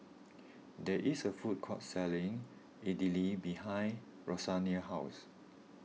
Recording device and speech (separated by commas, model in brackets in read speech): mobile phone (iPhone 6), read sentence